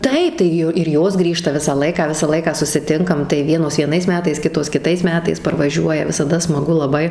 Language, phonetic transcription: Lithuanian, ˈtaip tai ˈju ir ˈjos ˈgrįžta ˈvisą ˈlaiką ˈvisą ˈlaiką susiˈtinkam tai ˈvienos vieˈnais ˈmetais ˈkitos kiˈtais ˈmetais parvaˈžiuoja visaˈda smaˈgu laˈbai

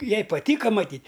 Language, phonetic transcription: Lithuanian, ˈjai paˈtyka maˈtyt'

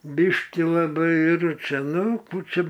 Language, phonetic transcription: Lithuanian, ˈbiškį laˈbai ir ˈčia ˈnu ˈkų ˈčia

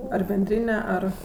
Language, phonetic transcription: Lithuanian, ar benˈdryne ˈar

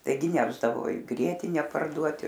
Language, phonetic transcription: Lithuanian, taiˈgi ˈnešdavo i ˈgrietine parˈduoti

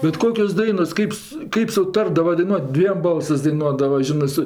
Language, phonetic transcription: Lithuanian, bet ˈkokios ˈdainos ˈkaip su ˈkaip suˈtardava daiˈnuot' ˈdviem ˈbalsɜs daiˈnuodava ˈžinɜ ˈsu

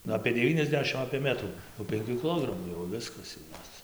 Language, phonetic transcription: Lithuanian, nu apė deˈvyniasˌdešim apė ˈmetrų jau penˈkių kiˈlogramų jau ˈviskas jau ˈjos

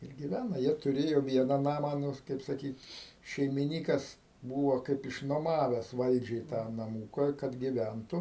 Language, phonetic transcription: Lithuanian, ir giˈvæna ˈjie tuˈrėjo ˈviena ˈnamą ˈnu kaip saˈkyt šeimiˈnykas ˈbūvo ˈkaip iš nuoˈmaves ˈvaldžiai tą naˈmūka kad giˈventu

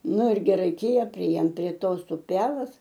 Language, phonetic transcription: Lithuanian, ˈnu ir gi ˈraikėja priˈėjom prie ˈtos uˈpelas

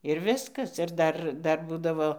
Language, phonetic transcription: Lithuanian, ir ˈviskas ir ˈdar ˈdar ˈbūdavo

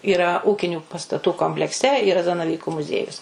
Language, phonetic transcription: Lithuanian, yˈra ˈūkinių pastaˈtų komplekˈse yˈra zanaˈvyku muˈziejus

